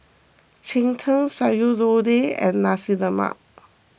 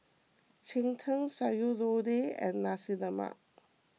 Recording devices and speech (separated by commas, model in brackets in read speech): boundary microphone (BM630), mobile phone (iPhone 6), read sentence